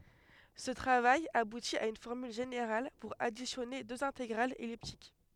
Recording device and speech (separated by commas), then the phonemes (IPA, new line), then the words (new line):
headset microphone, read sentence
sə tʁavaj abuti a yn fɔʁmyl ʒeneʁal puʁ adisjɔne døz ɛ̃teɡʁalz ɛliptik
Ce travail aboutit à une formule générale pour additionner deux intégrales elliptiques.